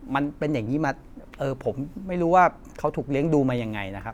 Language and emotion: Thai, frustrated